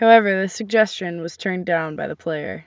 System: none